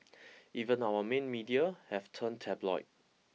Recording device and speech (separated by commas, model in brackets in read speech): mobile phone (iPhone 6), read sentence